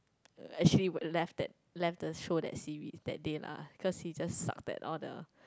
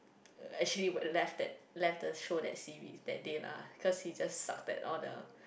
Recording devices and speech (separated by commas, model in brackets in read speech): close-talking microphone, boundary microphone, conversation in the same room